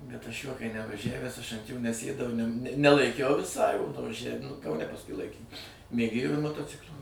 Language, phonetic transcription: Lithuanian, bet aš juo kai nevaˈžævęs aš ant jo neˈsėdau i nem nelaiˈkiau viˈsai vaˈžævim nu kauˈne pasˈkui ˈlaikėm mėˈgėjo ir motoˈciklio

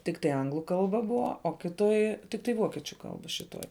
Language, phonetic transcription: Lithuanian, tikˈtai ˈanglu ˈkalba ˈbuva o ˈkiˌtoj tikˈtai ˈvokiečiu ˈkalba šiˈtoj

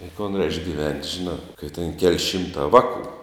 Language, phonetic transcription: Lithuanian, i kon reišk ˈgivent' ˈžiˌnā kai ten kel' ˈšimtā ˈvaˌkų

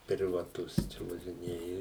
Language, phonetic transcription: Lithuanian, privaˈtus čia važiˈnėja

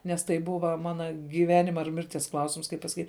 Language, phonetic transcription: Lithuanian, nes ˈtai ˈbuva ˈmana gyˈvenima ir ˈmirties ˈklausims kaip pasaˈkyt'

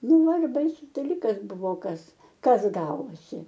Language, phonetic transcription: Lithuanian, ˈnu ˈva ir ˈbaisus daˈlykas ˈbuvo ˈkas ˈkas ˈgavosi

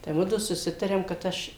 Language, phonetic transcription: Lithuanian, tai ˈmudu suˈsitarėm kad ˈaš

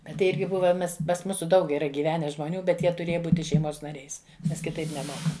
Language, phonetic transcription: Lithuanian, ˈbet tai ˈirgi ˈbuva ˈmes pas ˈmūsu ˈdaug yˈra gyˈvene žmoˈnių bet ˈjie tuˈrėja ˈbūti šeiˈmos naˈriais ˈnes kiˈtaip neˈmoka

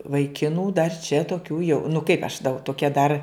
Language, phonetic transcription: Lithuanian, vaiˈkinų dar čia toˈkių jau nu kaip aš dau toˈkia dar

